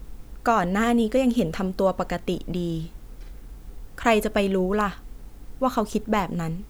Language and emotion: Thai, neutral